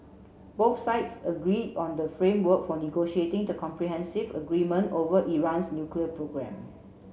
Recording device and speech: mobile phone (Samsung C7), read sentence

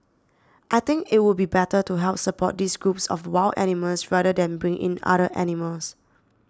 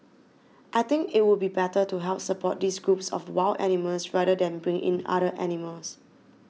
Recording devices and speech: standing microphone (AKG C214), mobile phone (iPhone 6), read sentence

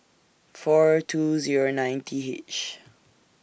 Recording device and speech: boundary microphone (BM630), read sentence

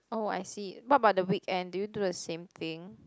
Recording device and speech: close-talking microphone, conversation in the same room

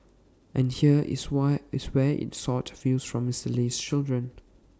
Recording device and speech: standing microphone (AKG C214), read sentence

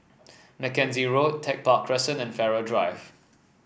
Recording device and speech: boundary microphone (BM630), read sentence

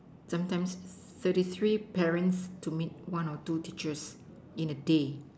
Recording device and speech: standing microphone, conversation in separate rooms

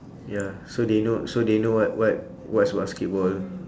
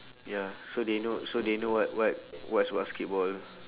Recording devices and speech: standing microphone, telephone, conversation in separate rooms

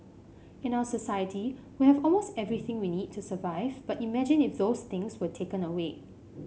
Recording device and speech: mobile phone (Samsung C5), read sentence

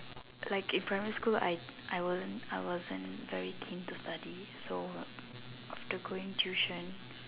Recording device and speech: telephone, conversation in separate rooms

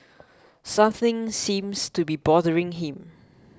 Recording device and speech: close-talking microphone (WH20), read sentence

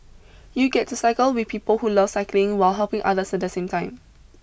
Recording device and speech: boundary microphone (BM630), read sentence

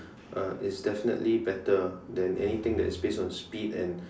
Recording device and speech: standing microphone, conversation in separate rooms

